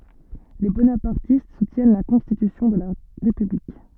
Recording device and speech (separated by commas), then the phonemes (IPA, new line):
soft in-ear microphone, read sentence
le bonapaʁtist sutjɛn la kɔ̃stitysjɔ̃ də la ʁepyblik